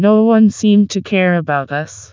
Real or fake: fake